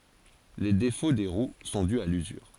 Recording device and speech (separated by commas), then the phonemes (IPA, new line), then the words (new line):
forehead accelerometer, read sentence
le defo de ʁw sɔ̃ dy a lyzyʁ
Les défauts des roues sont dus à l'usure.